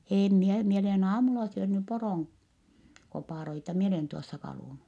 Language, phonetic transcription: Finnish, » eem mie , mie olen aamula syönny poròŋ- , -kopàroita mi olèn tuossa kalùnu .
- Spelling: en minä minä olen aamulla syönyt poron koparoita minä olen tuossa kalunnut

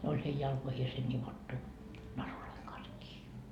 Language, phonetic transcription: Finnish, ne oĺ hei 'jalkoihiese 'ńivottu , "naruloiŋ kans kii .
- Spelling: ne oli heidän jalkoihinsa nivottu narujen kanssa kiinni

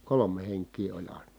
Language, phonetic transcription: Finnish, kolome heŋk̀ii oĺ ài̮na .
- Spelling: kolme henkeä oli aina

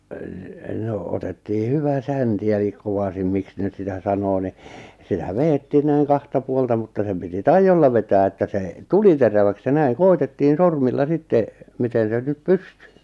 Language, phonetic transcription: Finnish, n̥ , nò otettii 'hyvä 'sänti elik 'kovasim 'miks ne nʸt sitä 'sanoo ni , sitä "veettii näiŋ 'kahta 'puolta mutta sem piti "taijjolla vetää että 'sè , "tuli 'teräväks ja 'näiŋ 'koitettiin̬ 'sormilla 'sitte , 'miten sen 'nyp "pysty .
- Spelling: no no otettiin hyvä sänti eli kovasin miksi ne nyt sitä sanoo niin sitä vedettiin näin kahta puolta mutta sen piti taidolla vetää että se tuli teräväksi ja näin koetettiin sormilla sitten miten sen nyt pystyi

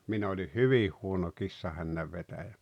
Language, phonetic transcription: Finnish, 'min ‿oĺih "hyvih "huono 'kissahännävvetäjä .
- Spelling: minä olin hyvin huono kissahännänvetäjä

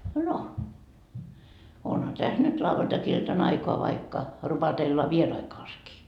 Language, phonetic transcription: Finnish, no , 'onha täs nyt 'lavvantakiltan aikoa vaikka , 'rupatella "vierai kaaskii .
- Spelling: no onhan tässä nyt lauantai-iltana aikaa vaikka rupatella vieraiden kanssakin

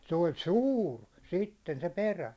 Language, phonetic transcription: Finnish, se oĺ "sûr , "sitten se "perä .
- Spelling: se oli suuri sitten se perä

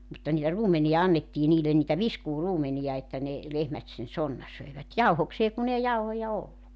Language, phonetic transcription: Finnish, mutta niitä 'ruumeniʲa 'annettii niilen niitä "viskuu'ruumenija että ne , 'lehmät sen 'sonna 'söi̬vät "jauhoksee kun ‿ei 'jauhoja "olluk .
- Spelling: mutta niitä ruumenia annettiin niille niitä viskuuruumenia että ne lehmät sen sonnan söivät jauhokseen kun ei jauhoja ollut

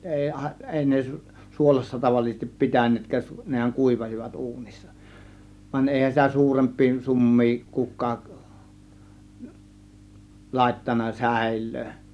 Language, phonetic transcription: Finnish, 'èi àė- , 'èi ne , 'suolassa tavallisestip "pi̬tän̆neetkääˀ , nehäŋ "kùivasivat 'uunissa , vań 'èihän sitä "suuremp̆pii 'sum̀mii 'kuk̆kaak , 'làėttan̆na "sä̬̀ėllöö .
- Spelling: ei - ei ne suolassa tavallisesti pitäneetkään nehän kuivasivat uunissa vaan eihän sitä suurempia summia kukaan laittanut säilöön

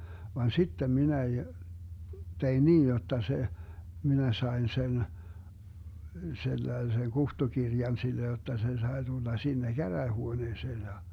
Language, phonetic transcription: Finnish, van "sittem 'minä j- , 'tein "niij 'jotta se , 'minä 'saen 'sen , 'sellai̮seŋ "kuhtukirjan sille jotta 'se 'sai̮ tulla 'sinne "käräähuoneeseen ja , .
- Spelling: vaan sitten minä - tein niin jotta se minä sain sen sellaisen kutsukirjan sille jotta se sai tulla sinne käräjähuoneeseen ja

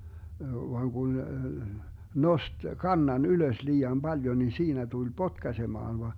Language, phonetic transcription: Finnish, vaŋ Gun , "nost "kannan 'ylös 'lii₍am 'baljo ni 'siinä tul "potkasemaan va , .
- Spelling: vaan kun nosti kannan ylös liian paljon niin siinä tuli potkaisemaan vaan

